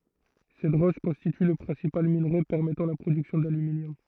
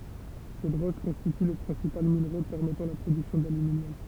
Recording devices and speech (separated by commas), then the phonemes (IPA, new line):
throat microphone, temple vibration pickup, read sentence
sɛt ʁɔʃ kɔ̃stity lə pʁɛ̃sipal minʁe pɛʁmɛtɑ̃ la pʁodyksjɔ̃ dalyminjɔm